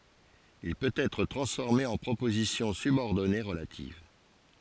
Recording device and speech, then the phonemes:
forehead accelerometer, read sentence
il pøt ɛtʁ tʁɑ̃sfɔʁme ɑ̃ pʁopozisjɔ̃ sybɔʁdɔne ʁəlativ

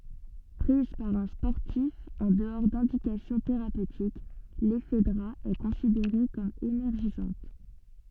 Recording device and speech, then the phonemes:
soft in-ear microphone, read sentence
pʁiz paʁ œ̃ spɔʁtif ɑ̃ dəɔʁ dɛ̃dikasjɔ̃ teʁapøtik lɛfdʁa ɛ kɔ̃sideʁe kɔm enɛʁʒizɑ̃t

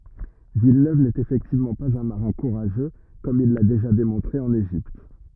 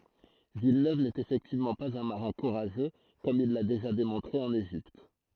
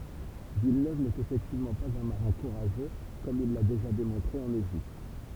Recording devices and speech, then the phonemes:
rigid in-ear microphone, throat microphone, temple vibration pickup, read sentence
vilnøv nɛt efɛktivmɑ̃ paz œ̃ maʁɛ̃ kuʁaʒø kɔm il la deʒa demɔ̃tʁe ɑ̃n eʒipt

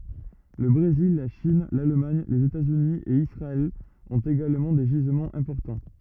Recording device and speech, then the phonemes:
rigid in-ear microphone, read sentence
lə bʁezil la ʃin lalmaɲ lez etaz yni e isʁaɛl ɔ̃t eɡalmɑ̃ de ʒizmɑ̃z ɛ̃pɔʁtɑ̃

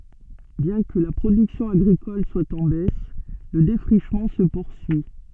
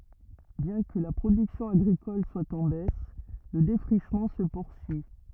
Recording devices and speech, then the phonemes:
soft in-ear microphone, rigid in-ear microphone, read sentence
bjɛ̃ kə la pʁodyksjɔ̃ aɡʁikɔl swa ɑ̃ bɛs lə defʁiʃmɑ̃ sə puʁsyi

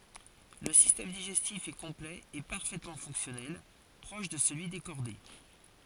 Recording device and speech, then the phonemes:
forehead accelerometer, read sentence
lə sistɛm diʒɛstif ɛ kɔ̃plɛ e paʁfɛtmɑ̃ fɔ̃ksjɔnɛl pʁɔʃ də səlyi de ʃɔʁde

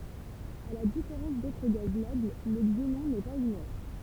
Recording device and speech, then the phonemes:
temple vibration pickup, read sentence
a la difeʁɑ̃s dotʁ ɡaz nɔbl lə ɡzenɔ̃ nɛ paz inɛʁt

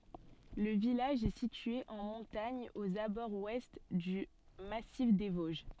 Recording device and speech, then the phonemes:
soft in-ear microphone, read sentence
lə vilaʒ ɛ sitye ɑ̃ mɔ̃taɲ oz abɔʁz wɛst dy masif de voʒ

